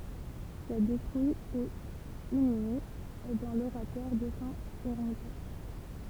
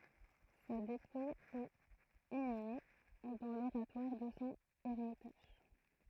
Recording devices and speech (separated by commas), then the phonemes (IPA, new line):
temple vibration pickup, throat microphone, read sentence
sa depuj ɛt inyme dɑ̃ loʁatwaʁ də sɔ̃ ɛʁmitaʒ